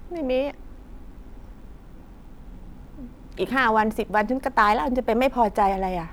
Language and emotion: Thai, frustrated